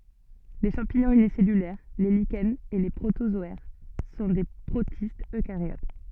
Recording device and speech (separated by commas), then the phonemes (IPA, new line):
soft in-ear microphone, read sentence
le ʃɑ̃piɲɔ̃z ynisɛlylɛʁ le liʃɛnz e le pʁotozɔɛʁ sɔ̃ de pʁotistz økaʁjot